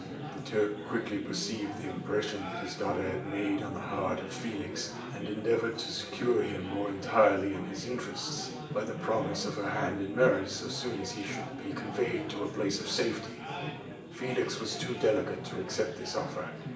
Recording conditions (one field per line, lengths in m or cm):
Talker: one person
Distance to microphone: 1.8 m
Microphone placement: close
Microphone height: 1.0 m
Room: large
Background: babble